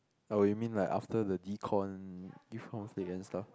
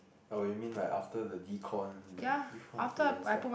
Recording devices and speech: close-talking microphone, boundary microphone, conversation in the same room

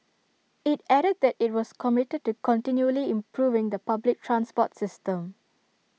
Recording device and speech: mobile phone (iPhone 6), read sentence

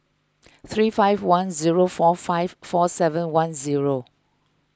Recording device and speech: close-talking microphone (WH20), read sentence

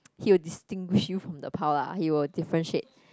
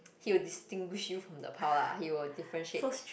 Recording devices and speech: close-talking microphone, boundary microphone, conversation in the same room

